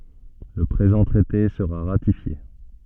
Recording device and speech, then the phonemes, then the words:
soft in-ear microphone, read sentence
lə pʁezɑ̃ tʁɛte səʁa ʁatifje
Le présent traité sera ratifié.

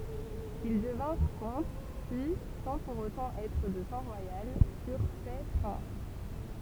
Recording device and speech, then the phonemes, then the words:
temple vibration pickup, read sentence
il dəvɛ̃ʁ kɔ̃t pyi sɑ̃ puʁ otɑ̃ ɛtʁ də sɑ̃ ʁwajal fyʁ fɛ pʁɛ̃s
Ils devinrent comtes, puis, sans pour autant être de sang royal, furent faits prince.

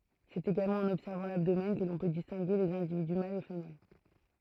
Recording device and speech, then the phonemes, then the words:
throat microphone, read sentence
sɛt eɡalmɑ̃ ɑ̃n ɔbsɛʁvɑ̃ labdomɛn kə lɔ̃ pø distɛ̃ɡe lez ɛ̃dividy malz e fəmɛl
C'est également en observant l'abdomen que l'on peut distinguer les individus mâles et femelles.

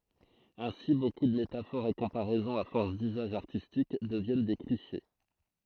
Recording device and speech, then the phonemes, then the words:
throat microphone, read sentence
ɛ̃si boku də metafoʁz e kɔ̃paʁɛzɔ̃z a fɔʁs dyzaʒ aʁtistik dəvjɛn de kliʃe
Ainsi, beaucoup de métaphores et comparaisons à force d'usage artistique deviennent des clichés.

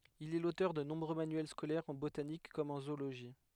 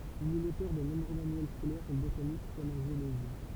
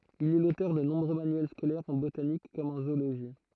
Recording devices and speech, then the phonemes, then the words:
headset microphone, temple vibration pickup, throat microphone, read sentence
il ɛ lotœʁ də nɔ̃bʁø manyɛl skolɛʁz ɑ̃ botanik kɔm ɑ̃ zooloʒi
Il est l'auteur de nombreux manuels scolaires en botanique comme en zoologie.

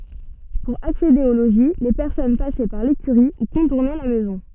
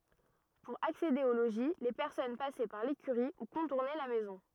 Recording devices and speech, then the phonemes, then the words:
soft in-ear microphone, rigid in-ear microphone, read sentence
puʁ aksede o loʒi le pɛʁsɔn pasɛ paʁ lekyʁi u kɔ̃tuʁnɛ la mɛzɔ̃
Pour accéder au logis, les personnes passaient par l'écurie ou contournaient la maison.

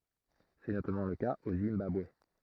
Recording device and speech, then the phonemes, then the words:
throat microphone, read sentence
sɛ notamɑ̃ lə kaz o zimbabwe
C'est notamment le cas au Zimbabwe.

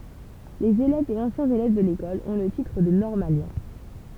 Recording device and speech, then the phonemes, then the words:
temple vibration pickup, read sentence
lez elɛvz e ɑ̃sjɛ̃z elɛv də lekɔl ɔ̃ lə titʁ də nɔʁmaljɛ̃
Les élèves et anciens élèves de l'École ont le titre de normalien.

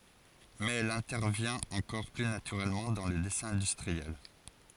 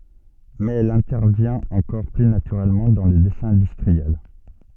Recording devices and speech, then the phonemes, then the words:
forehead accelerometer, soft in-ear microphone, read sentence
mɛz ɛl ɛ̃tɛʁvjɛ̃t ɑ̃kɔʁ ply natyʁɛlmɑ̃ dɑ̃ lə dɛsɛ̃ ɛ̃dystʁiɛl
Mais elle intervient encore plus naturellement dans le dessin industriel.

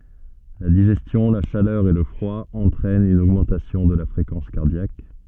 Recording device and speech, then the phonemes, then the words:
soft in-ear microphone, read sentence
la diʒɛstjɔ̃ la ʃalœʁ e lə fʁwa ɑ̃tʁɛnt yn oɡmɑ̃tasjɔ̃ də la fʁekɑ̃s kaʁdjak
La digestion, la chaleur et le froid entraînent une augmentation de la fréquence cardiaque.

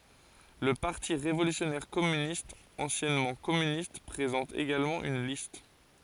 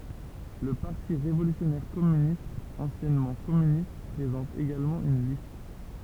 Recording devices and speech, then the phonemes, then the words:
forehead accelerometer, temple vibration pickup, read sentence
lə paʁti ʁevolysjɔnɛʁ kɔmynistz ɑ̃sjɛnmɑ̃ kɔmynist pʁezɑ̃t eɡalmɑ̃ yn list
Le Parti révolutionnaire Communistes, anciennement Communistes, présente également une liste.

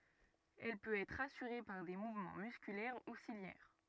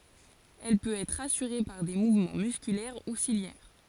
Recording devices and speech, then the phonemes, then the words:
rigid in-ear microphone, forehead accelerometer, read sentence
ɛl pøt ɛtʁ asyʁe paʁ de muvmɑ̃ myskylɛʁ u siljɛʁ
Elle peut être assurée par des mouvements musculaires ou ciliaires.

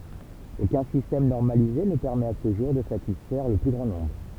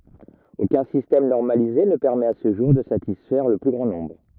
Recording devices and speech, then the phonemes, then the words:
temple vibration pickup, rigid in-ear microphone, read sentence
okœ̃ sistɛm nɔʁmalize nə pɛʁmɛt a sə ʒuʁ də satisfɛʁ lə ply ɡʁɑ̃ nɔ̃bʁ
Aucun système normalisé ne permet à ce jour de satisfaire le plus grand nombre.

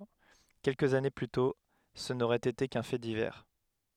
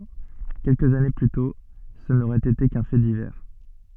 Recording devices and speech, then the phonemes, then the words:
headset microphone, soft in-ear microphone, read sentence
kɛlkəz ane ply tɔ̃ sə noʁɛt ete kœ̃ fɛ divɛʁ
Quelques années plus tôt, ce n'aurait été qu'un fait divers.

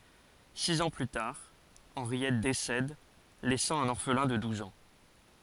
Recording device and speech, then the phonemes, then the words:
forehead accelerometer, read sentence
siz ɑ̃ ply taʁ ɑ̃ʁjɛt desɛd lɛsɑ̃ œ̃n ɔʁflɛ̃ də duz ɑ̃
Six ans plus tard, Henriette décède, laissant un orphelin de douze ans.

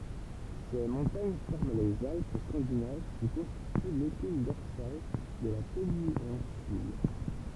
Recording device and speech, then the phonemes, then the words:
temple vibration pickup, read sentence
se mɔ̃taɲ fɔʁm lez alp skɑ̃dinav ki kɔ̃stity lepin dɔʁsal də la penɛ̃syl
Ces montagnes forment les Alpes scandinaves qui constituent l'épine dorsale de la péninsule.

